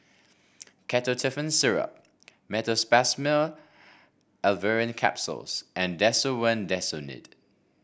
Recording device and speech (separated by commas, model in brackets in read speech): boundary microphone (BM630), read sentence